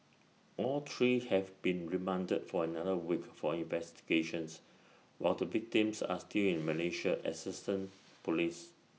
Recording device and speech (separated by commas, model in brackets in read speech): mobile phone (iPhone 6), read sentence